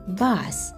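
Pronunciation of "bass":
'Bass', the music word, is pronounced incorrectly here: it is not said as 'base'.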